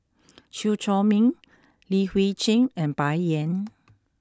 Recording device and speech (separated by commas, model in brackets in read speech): close-talking microphone (WH20), read sentence